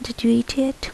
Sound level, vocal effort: 72 dB SPL, soft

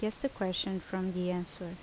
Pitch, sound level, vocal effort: 185 Hz, 76 dB SPL, normal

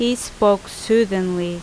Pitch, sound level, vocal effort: 205 Hz, 84 dB SPL, loud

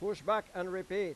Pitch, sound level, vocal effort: 200 Hz, 99 dB SPL, loud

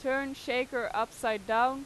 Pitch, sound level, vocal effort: 250 Hz, 94 dB SPL, loud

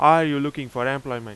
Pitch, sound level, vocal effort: 135 Hz, 94 dB SPL, very loud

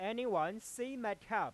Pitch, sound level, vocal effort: 215 Hz, 99 dB SPL, loud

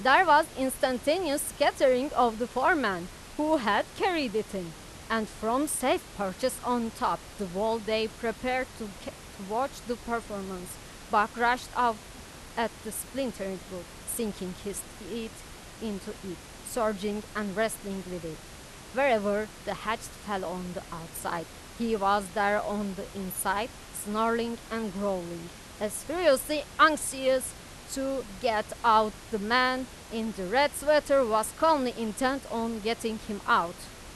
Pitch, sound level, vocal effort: 225 Hz, 93 dB SPL, very loud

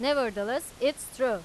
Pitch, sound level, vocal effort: 270 Hz, 95 dB SPL, loud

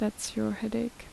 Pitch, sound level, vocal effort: 215 Hz, 73 dB SPL, soft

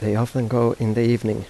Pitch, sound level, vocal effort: 115 Hz, 82 dB SPL, soft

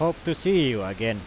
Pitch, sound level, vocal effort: 140 Hz, 95 dB SPL, very loud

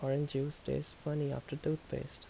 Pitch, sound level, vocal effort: 140 Hz, 74 dB SPL, soft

